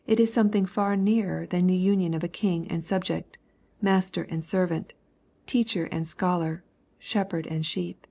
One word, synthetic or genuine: genuine